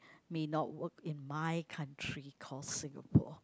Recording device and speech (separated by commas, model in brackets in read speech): close-talking microphone, conversation in the same room